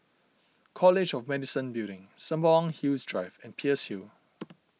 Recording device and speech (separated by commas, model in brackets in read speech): mobile phone (iPhone 6), read sentence